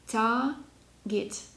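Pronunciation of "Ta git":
'Target' is said with the British pronunciation, with no r sound in the first syllable, 'ta'.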